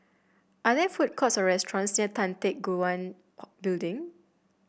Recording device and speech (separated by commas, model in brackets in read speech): boundary microphone (BM630), read sentence